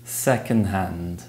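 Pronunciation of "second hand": In 'second hand', the d sound at the end of 'second' is dropped.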